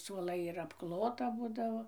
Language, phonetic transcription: Lithuanian, suoˈlai ir apˈklota ˈbūdavo

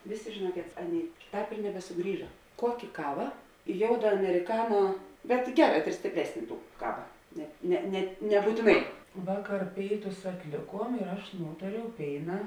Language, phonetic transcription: Lithuanian, ˈvėˌsė žėˈnuokėt ˈaˌnėi ˈtāp ir nebesuˈgrįža ˈkuokė ˈkava ˈjouda ameriˈkano bet ˈgeˌrā stėpˈresn' ˈtų ˈkava net ˈne net nebūtiˈnai ˈvaˌkar ˈpėiˌtus atˈlėˌkuom ir ˈaš ˈnūtariau ˈpėina

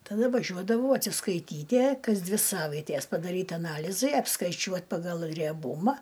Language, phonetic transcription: Lithuanian, taˈda vaˈžiuodavau atsiskaiˈtytie ˈkas ˈdvi ˈsavaitės padaˈryt aˈnalizai apskaiˈčiuot pagal rieˈbuma

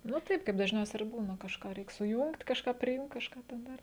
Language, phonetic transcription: Lithuanian, nu ˈtaip kaip dažˈniausia ir ˈbūna kažˈką ˈreik suˈjungt kažˈką priˈjungt kažˈką ten ˈdar

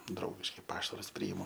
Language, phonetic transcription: Lithuanian, ˈdraugiškai ˈpašarus ˈpryimu

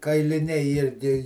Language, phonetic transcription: Lithuanian, kailiˈniai ˈirgi

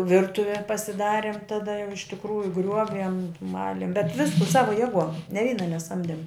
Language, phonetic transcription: Lithuanian, ˈvirtuve pasiˈdarim taˈda jau iš tikˈrųju ˈgriuoviem ˈmalim bet ˈvisku ˈsava ˈjėˌguom ne ˈvyna neˈsamdem

